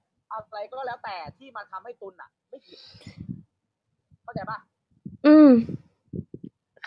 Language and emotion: Thai, frustrated